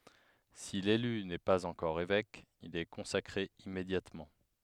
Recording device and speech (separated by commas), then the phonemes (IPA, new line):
headset microphone, read sentence
si lely nɛ paz ɑ̃kɔʁ evɛk il ɛ kɔ̃sakʁe immedjatmɑ̃